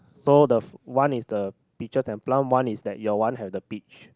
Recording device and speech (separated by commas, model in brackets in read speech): close-talking microphone, conversation in the same room